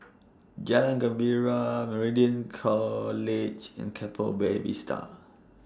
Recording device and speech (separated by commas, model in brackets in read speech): standing microphone (AKG C214), read sentence